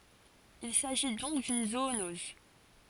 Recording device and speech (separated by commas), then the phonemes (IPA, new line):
forehead accelerometer, read sentence
il saʒi dɔ̃k dyn zoonɔz